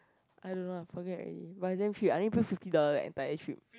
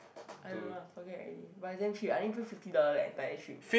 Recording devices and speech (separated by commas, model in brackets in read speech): close-talking microphone, boundary microphone, conversation in the same room